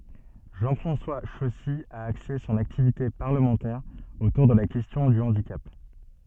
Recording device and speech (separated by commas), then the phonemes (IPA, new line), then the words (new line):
soft in-ear microphone, read sentence
ʒɑ̃ fʁɑ̃swa ʃɔsi a akse sɔ̃n aktivite paʁləmɑ̃tɛʁ otuʁ də la kɛstjɔ̃ dy ɑ̃dikap
Jean-François Chossy a axé son activité parlementaire autour de la question du handicap.